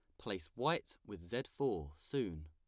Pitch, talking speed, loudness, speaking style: 85 Hz, 160 wpm, -41 LUFS, plain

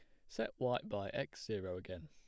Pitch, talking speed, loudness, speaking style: 90 Hz, 200 wpm, -42 LUFS, plain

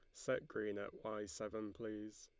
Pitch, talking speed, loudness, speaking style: 105 Hz, 180 wpm, -45 LUFS, Lombard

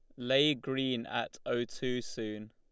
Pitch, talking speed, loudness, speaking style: 125 Hz, 155 wpm, -33 LUFS, Lombard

